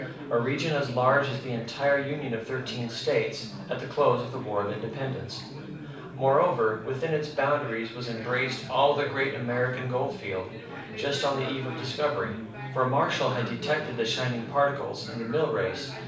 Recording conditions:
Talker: one person; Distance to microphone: 5.8 m; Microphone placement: far; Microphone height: 1.8 m; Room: medium-sized (5.7 m by 4.0 m); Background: babble

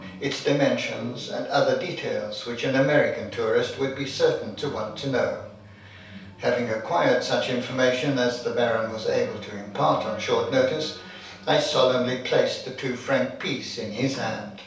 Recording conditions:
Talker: one person; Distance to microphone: 3.0 m; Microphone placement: far; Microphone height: 1.8 m; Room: small (3.7 m by 2.7 m); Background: television

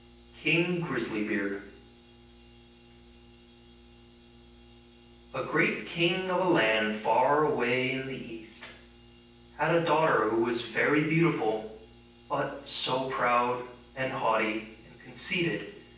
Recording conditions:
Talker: one person; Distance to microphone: 9.8 m; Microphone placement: far; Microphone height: 1.8 m; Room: large; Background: none

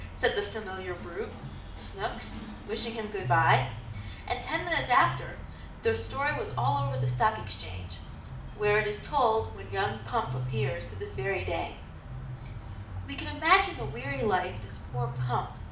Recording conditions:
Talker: one person; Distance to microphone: 2.0 m; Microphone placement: close; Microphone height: 99 cm; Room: medium-sized (5.7 m by 4.0 m); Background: music

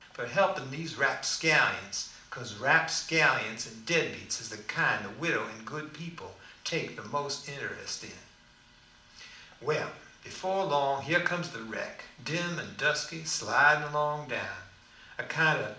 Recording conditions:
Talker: one person; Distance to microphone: 2.0 m; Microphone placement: close; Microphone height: 99 cm; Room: medium-sized (5.7 m by 4.0 m); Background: none

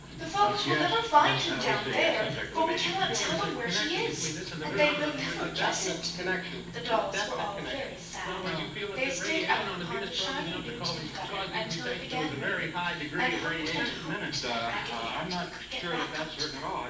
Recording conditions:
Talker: one person; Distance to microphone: 9.8 m; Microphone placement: far; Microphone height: 1.8 m; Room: large; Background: television

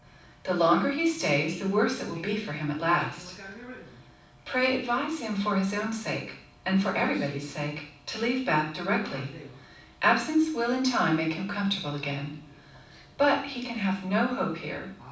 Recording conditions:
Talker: one person; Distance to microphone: 5.8 m; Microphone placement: far; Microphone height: 1.8 m; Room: medium-sized (5.7 m by 4.0 m); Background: television

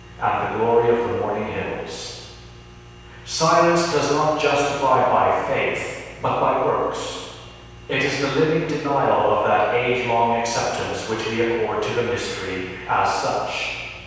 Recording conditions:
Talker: one person; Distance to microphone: 7.1 m; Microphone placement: far; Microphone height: 1.7 m; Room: very reverberant, large; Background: none

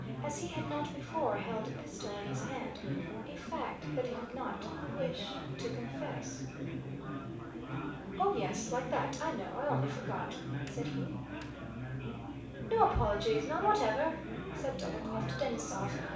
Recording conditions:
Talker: one person; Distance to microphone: 5.8 m; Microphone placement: far; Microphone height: 1.8 m; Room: medium-sized (5.7 m by 4.0 m); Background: babble

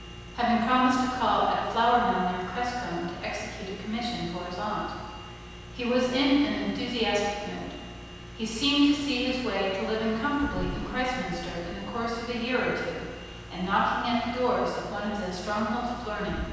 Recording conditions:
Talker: one person; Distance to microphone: 7.1 m; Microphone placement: far; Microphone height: 1.7 m; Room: very reverberant, large; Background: none

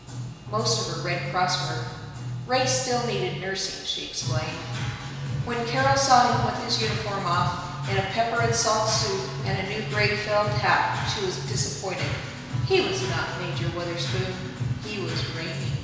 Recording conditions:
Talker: one person; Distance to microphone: 1.7 m; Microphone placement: close; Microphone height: 1.0 m; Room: very reverberant, large; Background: music

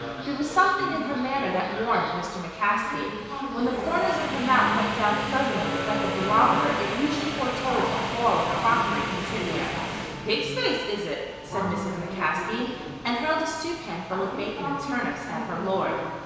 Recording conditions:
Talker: one person; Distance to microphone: 1.7 m; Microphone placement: close; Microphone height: 1.0 m; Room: very reverberant, large; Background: television

